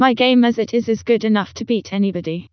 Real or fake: fake